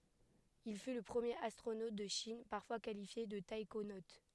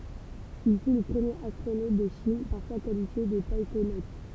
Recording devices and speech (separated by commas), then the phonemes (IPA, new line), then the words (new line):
headset microphone, temple vibration pickup, read sentence
il fy lə pʁəmjeʁ astʁonot də ʃin paʁfwa kalifje də taikonot
Il fut le premier astronaute de Chine, parfois qualifié de taïkonaute.